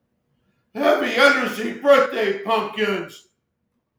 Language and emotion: English, sad